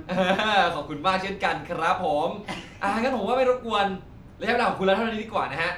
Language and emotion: Thai, happy